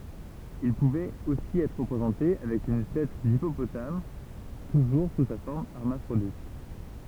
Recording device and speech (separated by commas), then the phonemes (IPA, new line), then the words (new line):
temple vibration pickup, read sentence
il puvɛt osi ɛtʁ ʁəpʁezɑ̃te avɛk yn tɛt dipopotam tuʒuʁ su sa fɔʁm ɛʁmafʁodit
Il pouvait aussi être représenté avec une tête d'hippopotame, toujours sous sa forme hermaphrodite.